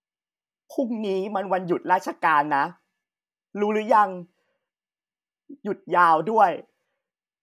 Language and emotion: Thai, sad